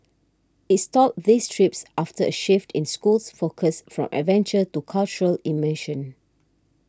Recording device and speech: standing microphone (AKG C214), read sentence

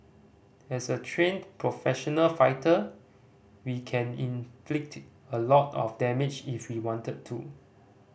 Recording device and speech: boundary microphone (BM630), read sentence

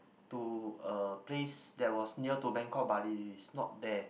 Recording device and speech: boundary microphone, conversation in the same room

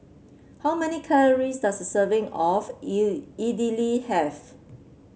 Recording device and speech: mobile phone (Samsung C7), read sentence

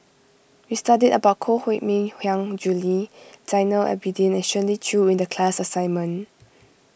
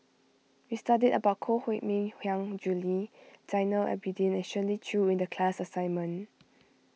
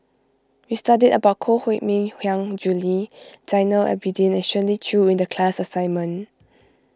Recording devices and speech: boundary microphone (BM630), mobile phone (iPhone 6), close-talking microphone (WH20), read sentence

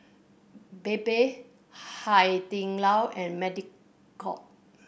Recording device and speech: boundary microphone (BM630), read sentence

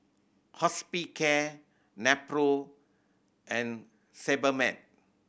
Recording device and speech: boundary microphone (BM630), read sentence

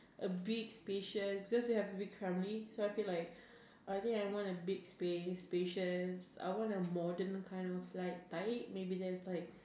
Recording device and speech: standing microphone, conversation in separate rooms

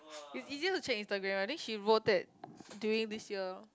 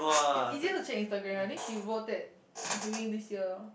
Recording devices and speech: close-talking microphone, boundary microphone, conversation in the same room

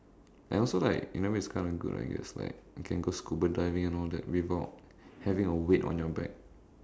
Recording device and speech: standing microphone, conversation in separate rooms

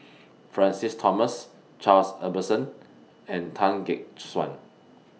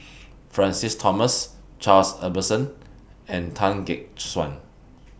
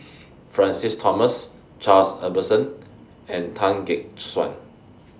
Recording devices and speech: mobile phone (iPhone 6), boundary microphone (BM630), standing microphone (AKG C214), read sentence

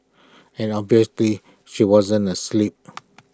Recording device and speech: close-talking microphone (WH20), read sentence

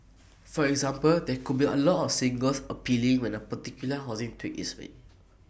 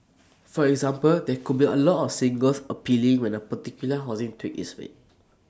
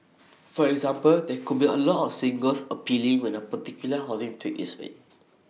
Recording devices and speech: boundary microphone (BM630), standing microphone (AKG C214), mobile phone (iPhone 6), read sentence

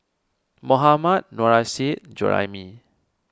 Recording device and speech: standing microphone (AKG C214), read sentence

